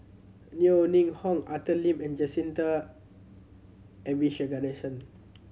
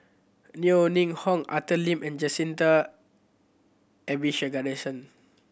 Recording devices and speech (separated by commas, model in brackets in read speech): mobile phone (Samsung C7100), boundary microphone (BM630), read sentence